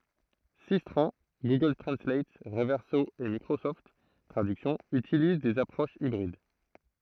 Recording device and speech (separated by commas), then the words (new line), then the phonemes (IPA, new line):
throat microphone, read sentence
Systran, Google Translate, Reverso et Microsoft Traduction utilisent des approches hybrides.
sistʁɑ̃ ɡuɡœl tʁɑ̃slat ʁəvɛʁso e mikʁosɔft tʁadyksjɔ̃ ytiliz dez apʁoʃz ibʁid